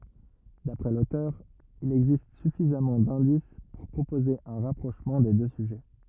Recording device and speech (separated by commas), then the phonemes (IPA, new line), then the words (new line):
rigid in-ear microphone, read sentence
dapʁɛ lotœʁ il ɛɡzist syfizamɑ̃ dɛ̃dis puʁ pʁopoze œ̃ ʁapʁoʃmɑ̃ de dø syʒɛ
D'après l'auteur, il existe suffisamment d'indices pour proposer un rapprochement des deux sujets.